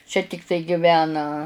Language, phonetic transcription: Lithuanian, čia tikˈtai giˈvena

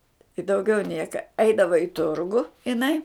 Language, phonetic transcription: Lithuanian, i dauˈgiau ˈnieka ˈaidava i ˈturgu iˈnai

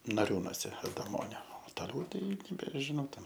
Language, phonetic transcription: Lithuanian, naˈriūnose adaˈmonio o toˈliau ˈtai nebežiˈnau ten

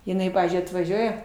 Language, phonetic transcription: Lithuanian, jiˈnai ˈpavyzdžiui atvaˈžiuoja

